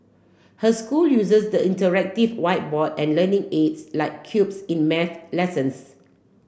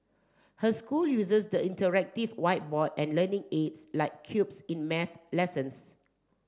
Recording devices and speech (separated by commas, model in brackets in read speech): boundary microphone (BM630), standing microphone (AKG C214), read sentence